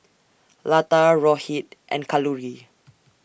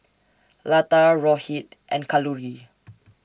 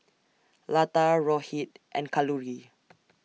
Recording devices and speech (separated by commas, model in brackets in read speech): boundary microphone (BM630), standing microphone (AKG C214), mobile phone (iPhone 6), read sentence